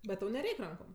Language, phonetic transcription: Lithuanian, bet ˈtau neˈreik' ˈrankom

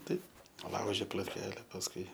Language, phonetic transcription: Lithuanian, ˈtaip ˈlauži plotˈkele pasˈkui

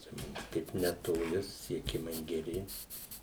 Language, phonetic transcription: Lithuanian, čia ˈmums ˈkaip netoˈli susisieˈkimai geˈri

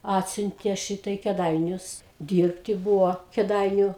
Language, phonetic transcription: Lithuanian, ˈatsiuntė ˈšyta i kėˈdainius ˈdyrbti ˈbūvo kėˈdainiu

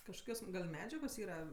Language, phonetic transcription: Lithuanian, kažˈkas gal' ˈmedžiagos ˈyra

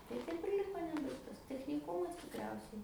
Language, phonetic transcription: Lithuanian, tai ˈtaip ir ˈliko ˈnebaigtas techniˈkumas tikˈriausiai

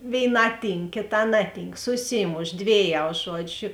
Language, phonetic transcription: Lithuanian, vėiˈnā ˈtynk kėˈtā ˈnaˌtynk suˈsymoš ˈdvėˌjau ˈžuodžiu

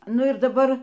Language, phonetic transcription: Lithuanian, ˈnu ir daˈbar

